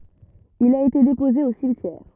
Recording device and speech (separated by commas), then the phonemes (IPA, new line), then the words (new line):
rigid in-ear microphone, read sentence
il a ete depoze o simtjɛʁ
Il a été déposé au cimetière.